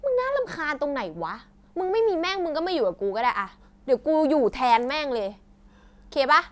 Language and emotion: Thai, angry